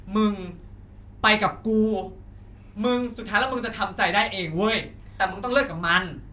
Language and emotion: Thai, frustrated